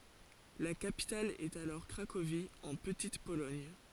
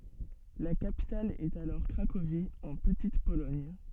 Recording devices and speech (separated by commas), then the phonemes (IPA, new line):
forehead accelerometer, soft in-ear microphone, read sentence
la kapital ɛt alɔʁ kʁakovi ɑ̃ pətit polɔɲ